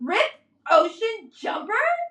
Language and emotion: English, disgusted